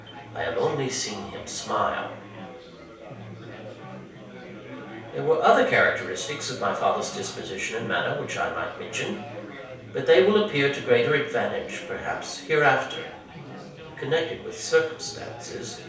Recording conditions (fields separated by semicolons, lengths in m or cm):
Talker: one person; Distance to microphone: 3.0 m; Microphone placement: far; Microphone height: 1.8 m; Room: small (3.7 m by 2.7 m); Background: babble